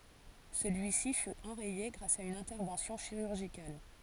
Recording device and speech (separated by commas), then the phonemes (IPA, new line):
forehead accelerometer, read sentence
səlyisi fy ɑ̃ʁɛje ɡʁas a yn ɛ̃tɛʁvɑ̃sjɔ̃ ʃiʁyʁʒikal